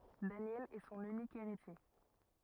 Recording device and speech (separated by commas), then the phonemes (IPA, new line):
rigid in-ear microphone, read sentence
danjɛl ɛ sɔ̃n ynik eʁitje